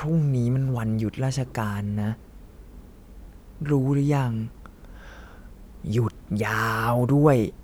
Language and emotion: Thai, frustrated